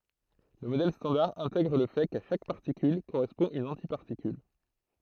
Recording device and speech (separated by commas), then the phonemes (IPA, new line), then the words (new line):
throat microphone, read sentence
lə modɛl stɑ̃daʁ ɛ̃tɛɡʁ lə fɛ ka ʃak paʁtikyl koʁɛspɔ̃ yn ɑ̃tipaʁtikyl
Le modèle standard intègre le fait qu'à chaque particule correspond une antiparticule.